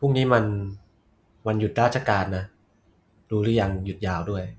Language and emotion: Thai, neutral